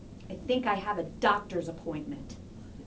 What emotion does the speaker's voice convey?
disgusted